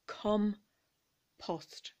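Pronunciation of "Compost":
In 'compost', the stress is on the first syllable and the second syllable is soft, but both o sounds are flat.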